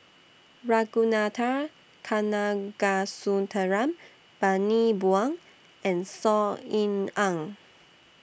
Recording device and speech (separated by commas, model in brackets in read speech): boundary microphone (BM630), read sentence